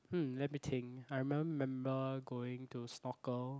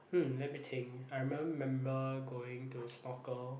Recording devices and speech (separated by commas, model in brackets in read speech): close-talking microphone, boundary microphone, conversation in the same room